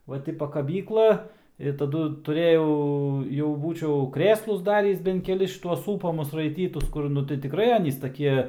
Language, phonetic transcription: Lithuanian, ˈva ti pakaˈbykla i taˈdu tuˈrėjau jau ˈbūčiau ˈkrėslus ˈdarįs bent keˈlis šiˈtuos ˈsūpamus raiˈtytus ˈkur ˈnu tai tiˈkrai ˈanys taˈkie

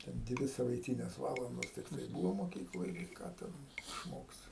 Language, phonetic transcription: Lithuanian, ten ˈdvi savaiˈtynės ˈvalandos tikˈtai ˈbūvo moˈkykloj gi ˈką ˈten išˈmoksi

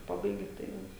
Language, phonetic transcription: Lithuanian, ˈpabaigi tai ˈjau

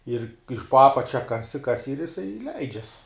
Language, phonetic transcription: Lithuanian, ir iš po ˈapačia ˈkasi ˈkasi ir jiˈsai ˈleidžias

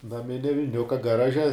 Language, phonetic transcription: Lithuanian, naˈminia viˈniuka gaˈraže

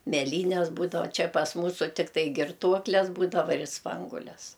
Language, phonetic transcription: Lithuanian, meˈlynes ˈbūdava ˈčia pas ˈmūsu ˈtiktai girˈtuokles ˈbūdava ir ˈspanguoles

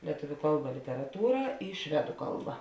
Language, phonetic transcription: Lithuanian, lieˈtuviu ˈkalˌba literaˈtūra i ˈšvedu ˈkalˌba

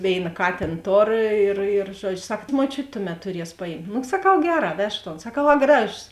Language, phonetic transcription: Lithuanian, ˈvėina ˈkatėn ˈtor ir ir ˈžuodžiu ˈsak muoˈčiut' ˈtuˌmet tuˈries paˈjimt nu saˈkau ˈgeˌrā ˈvežk ton saˈkau a ˈgražos

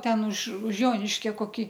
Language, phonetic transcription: Lithuanian, ˈten už už ˈjoniškia koˈkį

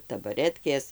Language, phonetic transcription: Lithuanian, tabaˈretkės

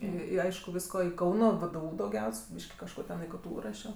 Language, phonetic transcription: Lithuanian, ˈį i ˈaišku ˈvyisko i ˈkauno vėdėˈų dauˈgiaus' ˈbyški kažˈko ten i ˈktų ˈrašio

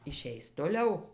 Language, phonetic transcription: Lithuanian, iˈšeis toˈliau

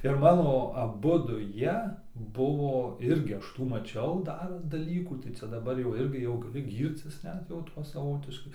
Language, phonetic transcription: Lithuanian, ir ˈmano aˈbudu ˈjie ˈbuvo ˈirgi ˈaš ˈtų maˈčiau ˈdar daˈlykų tai ˈcia daˈbar jau ˈirgi jau gaˈli ˈgyrcis ˈnet jau ˈtuo saˈvotiškai

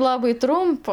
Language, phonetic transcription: Lithuanian, ˈlabai ˈtrumpa

